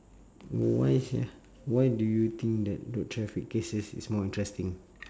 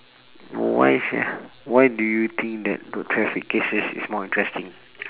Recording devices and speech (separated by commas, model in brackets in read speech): standing microphone, telephone, conversation in separate rooms